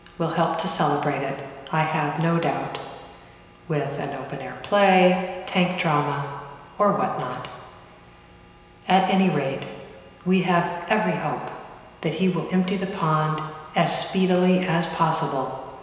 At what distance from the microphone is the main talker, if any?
1.7 m.